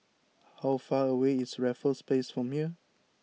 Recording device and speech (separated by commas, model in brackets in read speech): mobile phone (iPhone 6), read sentence